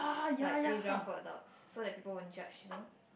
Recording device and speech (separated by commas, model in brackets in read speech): boundary microphone, conversation in the same room